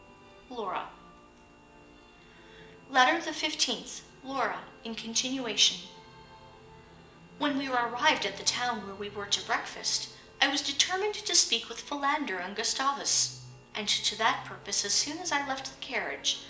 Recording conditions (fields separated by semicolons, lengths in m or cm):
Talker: one person; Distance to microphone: 1.8 m; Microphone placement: close; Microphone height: 1.0 m; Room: large; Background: music